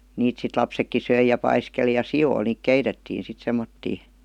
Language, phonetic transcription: Finnish, 'niit sit 'lapsekki ''söij§ ja 'paiskeli ja "si₍oil niik 'keitettiin̬ sit 'semmottii .
- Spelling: niitä sitten lapsetkin söi ja paiskeli ja sioille niitä keitettiin sitten semmoisia

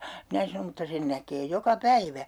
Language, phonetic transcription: Finnish, 'minä sanom » mutta 'sen näkee 'joka "päivä » .
- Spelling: minä sanon mutta sen näkee joka päivä

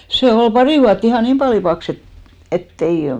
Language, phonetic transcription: Finnish, se "ol 'pari vuatt ‿ihà "niim pali 'paks ‿et , et't ‿ei ,.
- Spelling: se oli pari vuotta ihan niin paljon paksu että että ei

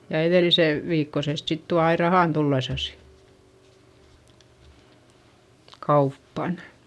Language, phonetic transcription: Finnish, ja eδèlise- , -viikkosest sit tua ai rahàn tullesasI , kauppan .
- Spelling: ja - edellisen viikkoisesta sitten tuo aina rahan tullessaan kauppaan

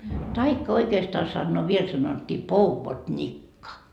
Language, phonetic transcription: Finnish, 'taikka oikeestaa sannoo 'viel sanot́t́ii "pouvoDńikka .
- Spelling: tai oikeastaan sanoo vielä sanottiin pouvodnikka

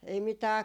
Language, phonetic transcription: Finnish, ei 'mitää ,.
- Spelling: ei mitään

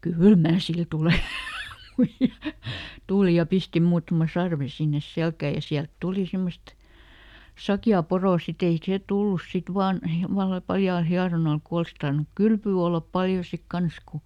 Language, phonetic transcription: Finnish, » "kỳl ˈmää sil ˈtulè » muiʲa , ˈtùli ja ˈpisti ˈmuutᵃma "sarve sinnes ˈselkä̀ ja ˈsiält "tuli ˈsemmost , "sakjaa "porò siˈt ‿ei ˈsè ˈtullus ˈsit "vaan , (ˈomalla) ˈpaljaal "hiaronal ku ˈols tarnuk "kylpyy ollap ˈpaljo sik ˈkans ku ,.
- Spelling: kyllä minä sille tulen muija tuli ja pisti muutaman sarven sinne selkään ja sieltä tuli semmoista sakeaa poroa sitten ei se tullut sitten vain omalla paljaalla hieronnalla kun olisi tarvinnut kylpyä olla paljon sitten kanssa kun

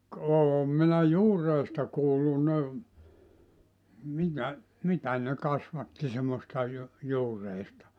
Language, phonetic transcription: Finnish, k- 'oom minä "juur̀eista 'kuullu ne , mitä , 'mitä ne 'kasvatti semmosta ju- , 'juureista .
- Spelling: - olen minä juureista kuullut ne mitä mitä ne kasvatti semmoista - juureista

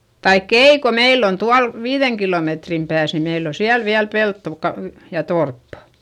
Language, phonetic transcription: Finnish, taikk ‿ei ko meill ‿on tual , viiδeŋ kilòmetrim pääs ni meill ‿o siäl viäl peltto ka- , ja torppA .
- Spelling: tai ei kun meillä on tuolla viiden kilometrin päässä niin meillä on siellä vielä peltoa - ja torppa

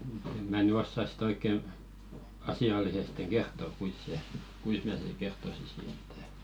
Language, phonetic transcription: Finnish, ᵉᵐ mä ny 'ossas sⁱ"t ‿oik̆ke , asi₍allisesteŋ̬ "ɢertto kuis se , "kuis mä sen̬ sik̆ 'kerttosisi ᴇttᴀ̈ .
- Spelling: en minä nyt osaa sitä oikein asiallisesti kertoa kuinka se kuinka minä sen sitten kertoisin että

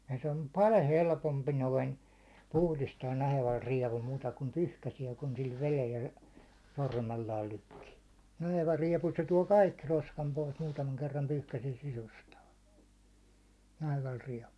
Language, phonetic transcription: Finnish, ja se om "pal̜ 'helpompi 'noin , 'puhlistaan 'naheval 'riɛvul muuta kum "pyhkäsiɛ kun sil 'velel ja , 'sormellaal lykkii , 'naheva 'riɛpu se tuå "kaikki 'roskam pois , muutamaŋ kerram 'pyhkäsiɛ 'sisustaa , 'naheval 'riɛvul .
- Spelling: ja se on paljon helpompi noin puhdistaa nahevalla rievulla muuta kuin pyyhkäisee kun sillä vedellä ja sormellaan lykkii naheva riepu se tuo kaikki roskan pois muutaman kerran pyyhkäisee sisustaa nahevalla rievulla

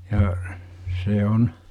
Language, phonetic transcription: Finnish, ja , 'se on ,.
- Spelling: ja se on

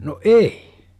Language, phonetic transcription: Finnish, no "eI !
- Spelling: no ei

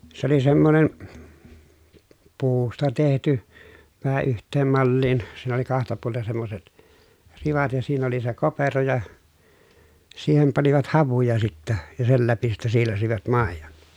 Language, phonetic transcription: Finnish, s ‿oli semmonen , puusta tehty , vähä yht̀eem malliin , siin ‿oli kahta puolten̬ semmoset , rivat ja siin ‿oli se kopero ja , siihem panivat havuja sittä , ja sel läpi sittä siilasivat màejon .
- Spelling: se oli semmoinen puusta tehty vähän yhteen malliin siinä oli kahta puolen semmoiset rivat ja siinä oli se kopero ja siihen panivat havuja sitten ja sen läpi sitten siilasivat maidon

